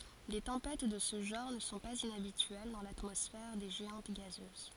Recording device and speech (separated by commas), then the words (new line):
forehead accelerometer, read sentence
Des tempêtes de ce genre ne sont pas inhabituelles dans l'atmosphère des géantes gazeuses.